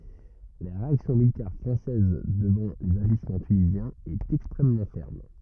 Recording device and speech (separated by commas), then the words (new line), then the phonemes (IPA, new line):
rigid in-ear microphone, read sentence
La réaction militaire française devant les agissements tunisiens est extrêmement ferme.
la ʁeaksjɔ̃ militɛʁ fʁɑ̃sɛz dəvɑ̃ lez aʒismɑ̃ tynizjɛ̃z ɛt ɛkstʁɛmmɑ̃ fɛʁm